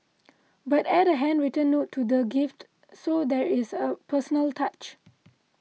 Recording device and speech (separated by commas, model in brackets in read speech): mobile phone (iPhone 6), read sentence